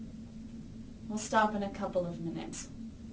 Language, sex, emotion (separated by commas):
English, female, neutral